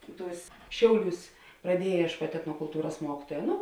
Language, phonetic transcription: Lithuanian, ˈtūs ˈšiauˌliūs praˈdieje iešˈkuot' etnokulˈtūras ˈmuokituoja ˈnu

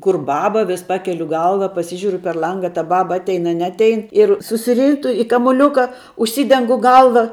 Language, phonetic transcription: Lithuanian, ˈkur ˈbaba vis ˈpakeliu ˈgalva paˈsižiuriu per ˈlanga a ta ˈbaba ˈatein a ˈneatein ir susiˈrytu i kamuˈliūka užˈsydengu ˈgalva

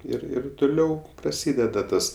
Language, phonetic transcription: Lithuanian, ˈir ˈir tuˈliau praˈsydeda ˈtas

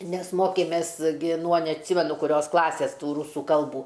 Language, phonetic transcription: Lithuanian, ˈnes ˈmokėmės ˈgi nuo neatˈsimenu kuˈrios ˈklasės ˈtų ˈrūsų ˈkalbų

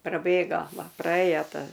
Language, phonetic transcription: Lithuanian, praˈbėgo ˈva praˈėjo ˈta

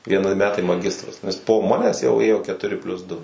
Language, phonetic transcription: Lithuanian, vieˈni ˈmetai maˈgistras nes po ˈmanes jau ˈėjo ketuˈri plius ˈdu

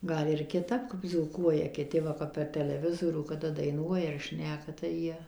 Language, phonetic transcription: Lithuanian, ˈgal ir kiˈtap kap dzūˈkuoja kiˈti ˈva kap per teleˈvizorių kaˈda daiˈnuoja ar ˈšneka tai ˈjie

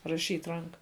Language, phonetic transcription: Lithuanian, raˈšyt' ˈranka

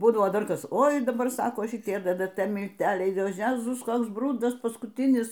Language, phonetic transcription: Lithuanian, ˈbūdavo ˈdar ˈkas ˈoi daˈbar ˈsako šiˈtie ddt milˈteliai o ˈjezus ˈkoks ˈbrudas paskutˈinis

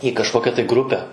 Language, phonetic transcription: Lithuanian, į kažˈkokia tai ˈgrupe

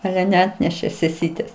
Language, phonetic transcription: Lithuanian, ˈale neˈatnešė seˈsytės

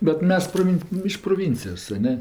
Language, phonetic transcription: Lithuanian, bet ˈmes proˈvin iš proˈvincijos a ˈne

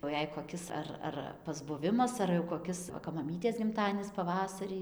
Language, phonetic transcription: Lithuanian, jau ˈjei koˈkis ar ˈar pasbuˈvimas ar jau koˈkis ˈva kap maˈmytės gimˈtadienis paˈvasarį

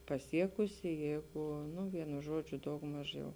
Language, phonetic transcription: Lithuanian, paˈsiekusi ˈjeigu nu ˈvienu ˈžodžiu daugˈmaž jau

